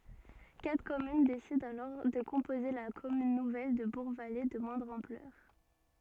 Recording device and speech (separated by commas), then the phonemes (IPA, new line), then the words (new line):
soft in-ear microphone, read sentence
katʁ kɔmyn desidɑ̃ alɔʁ də kɔ̃poze la kɔmyn nuvɛl də buʁɡvale də mwɛ̃dʁ ɑ̃plœʁ
Quatre communes décident alors de composer la commune nouvelle de Bourgvallées de moindre ampleur.